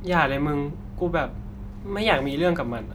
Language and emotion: Thai, frustrated